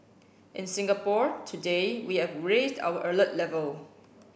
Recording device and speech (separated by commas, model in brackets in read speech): boundary microphone (BM630), read sentence